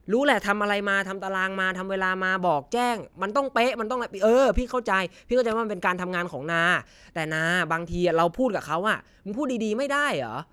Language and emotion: Thai, frustrated